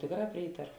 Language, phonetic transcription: Lithuanian, ˈtėkˌrā ˈprytaro

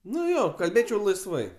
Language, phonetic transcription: Lithuanian, ˈnu ˈjo kalˈbėčiau laisˈvai

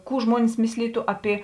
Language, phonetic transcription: Lithuanian, ˈkų ˈžmuonis ˈmislytu aˈpi

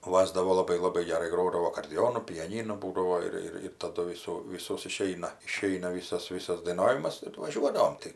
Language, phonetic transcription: Lithuanian, ˈvazdavo laˈbai laˈbai geˈrai ˈgrodavo akordeˈonu piaˈnynu ˈbūdavo ir ˈir taˈdu ˈvisų ˈvysos iˈšeina iˈšeina ˈvysas ˈvysas daiˈnavimas ir vaˈžiuodavom tai

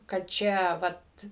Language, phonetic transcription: Lithuanian, kad ˈčia ˈvat

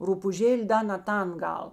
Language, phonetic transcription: Lithuanian, rūpuˈžėlė ˈda na ˈtan ˈgal

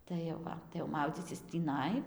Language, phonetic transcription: Lithuanian, tai jau ˈva tai jau ˈmaudzycis tįˈnai

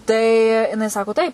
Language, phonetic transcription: Lithuanian, tai ˈiˈnai ˈsako ˈtaip

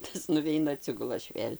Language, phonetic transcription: Lithuanian, ˈtas nuˈveina aˈtsigula ˈaš ˈvėl'

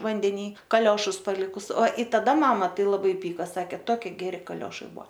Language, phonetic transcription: Lithuanian, vandeˈny kaˈliošus paˈlikus o i taˈda ˈmama ˈtai laˈbai ˈpyka ˈsakė ˈtoki geˈri kaˈliošai ˈbuo

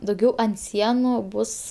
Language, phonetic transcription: Lithuanian, dauˈgiau ant ˈsienu ˈbus

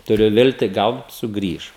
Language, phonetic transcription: Lithuanian, tuˈriu ˈviltį ˈgal suˈgrįš

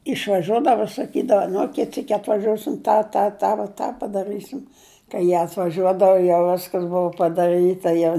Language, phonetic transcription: Lithuanian, išvaˈžiuodavu saˈkydava ˈnu ˈkit ˈsyk' atvaˈžosim ˈtą ˈtą ˈtą vo tą padaˈrɨsim kai ˈjie atvaˈžiuodavu jau ˈveskas ˈbuvu padaˈrɨta jau

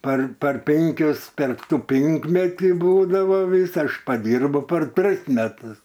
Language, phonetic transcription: Lithuanian, par par ˈpenkios per ˈtų ˈpinkmetį ˈbūdavo ˈvis ˈaš paˈdyrbu par ˈtris meˈtus

